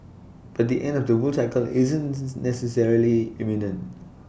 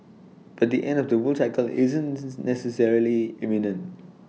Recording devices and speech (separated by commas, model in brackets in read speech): boundary microphone (BM630), mobile phone (iPhone 6), read sentence